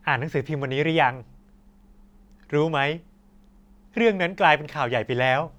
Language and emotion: Thai, neutral